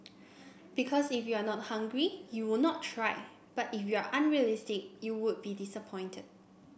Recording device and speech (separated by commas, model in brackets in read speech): boundary microphone (BM630), read sentence